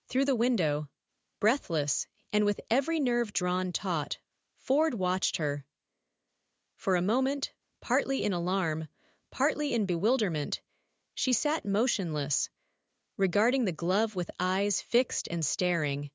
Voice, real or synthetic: synthetic